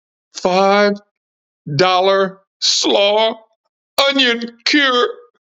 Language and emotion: English, fearful